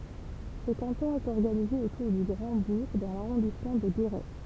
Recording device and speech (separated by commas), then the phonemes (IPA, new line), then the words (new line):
temple vibration pickup, read sentence
sə kɑ̃tɔ̃ ɛt ɔʁɡanize otuʁ dy ɡʁɑ̃dbuʁ dɑ̃ laʁɔ̃dismɑ̃ də ɡeʁɛ
Ce canton est organisé autour du Grand-Bourg dans l'arrondissement de Guéret.